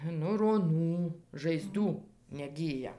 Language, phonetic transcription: Lithuanian, nu roˈnų žaiˈzdų neˈgyja

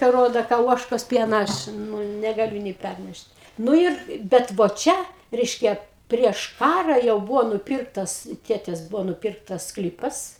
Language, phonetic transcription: Lithuanian, ka ˈrodo ka ˈuožkos ˈpiena ˈaš nu negaˈliu nė ˈpærnešt ˈnu ir ˈbet vo ˈčia ˈreiškia prieš ˈkara jau ˈbuvo nuˈpirktas ˈtėtės ˈbuvo nuˈpirktas ˈsklypas

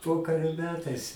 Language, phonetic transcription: Lithuanian, ˈpokario ˈmetais

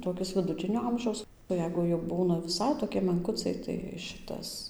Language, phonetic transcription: Lithuanian, toˈkis viduˈtinio ˈamžiaus o ˈjeigu jau ˈbūna viˈsai toˈki menˈkucai tai ˈšitas

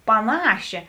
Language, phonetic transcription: Lithuanian, paˈnašė

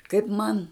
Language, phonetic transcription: Lithuanian, kaip ˈman

